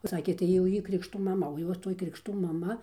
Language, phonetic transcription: Lithuanian, o ˈsakė tai jau ˈjy ˈkrikštų maˈma o ˈjos toj krikˈštų maˈma

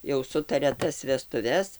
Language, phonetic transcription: Lithuanian, jau ˈsutaria ˈtas vestuˈves

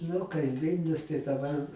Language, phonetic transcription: Lithuanian, ˈnu kai ˈvilnius tai daˈbar

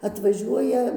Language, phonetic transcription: Lithuanian, atvaˈžiuoja

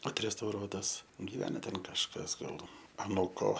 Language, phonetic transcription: Lithuanian, atrestauˈrotas giˈvena ˈten kažˈkas ˈgal aˈnūko

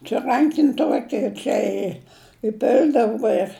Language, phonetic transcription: Lithuanian, čia ˈrankin' ˈtuoki ˈčia i iˈpil'davu ir

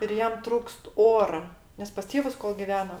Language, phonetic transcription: Lithuanian, ir ˈjam ˈtrūkst ˈora nes pas ˈtėvus kol giˈveno

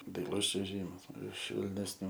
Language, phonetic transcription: Lithuanian, daiˈlus čiuoˈžymas iš švelnesˈnių

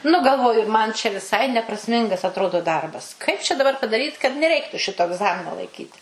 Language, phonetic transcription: Lithuanian, nu galˈvoju man čia viˈsai neprasˈmingas atˈrodo ˈdarbas kaip čia daˈbar padaˈryt kad neˈreiktu ˈšito egˈzamino laiˈkyti

